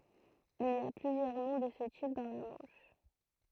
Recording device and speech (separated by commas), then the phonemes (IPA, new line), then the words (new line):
throat microphone, read sentence
il i a plyzjœʁ nɔ̃ də sə tip dɑ̃ la mɑ̃ʃ
Il y a plusieurs noms de ce type dans la Manche.